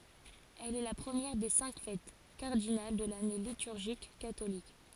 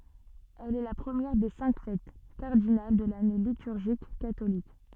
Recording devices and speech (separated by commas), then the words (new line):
forehead accelerometer, soft in-ear microphone, read sentence
Elle est la première des cinq fêtes cardinales de l'année liturgique catholique.